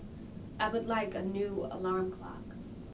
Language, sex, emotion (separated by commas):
English, female, neutral